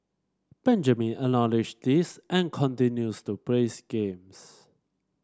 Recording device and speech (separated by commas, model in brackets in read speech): standing microphone (AKG C214), read sentence